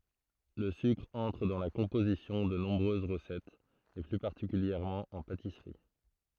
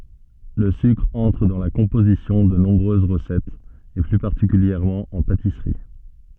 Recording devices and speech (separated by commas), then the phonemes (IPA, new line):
throat microphone, soft in-ear microphone, read sentence
lə sykʁ ɑ̃tʁ dɑ̃ la kɔ̃pozisjɔ̃ də nɔ̃bʁøz ʁəsɛtz e ply paʁtikyljɛʁmɑ̃ ɑ̃ patisʁi